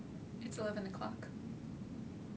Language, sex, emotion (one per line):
English
female
neutral